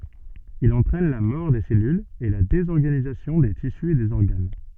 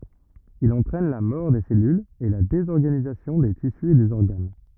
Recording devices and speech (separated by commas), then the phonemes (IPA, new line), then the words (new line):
soft in-ear microphone, rigid in-ear microphone, read sentence
il ɑ̃tʁɛn la mɔʁ de sɛlylz e la dezɔʁɡanizasjɔ̃ de tisy e dez ɔʁɡan
Il entraîne la mort des cellules et la désorganisation des tissus et des organes.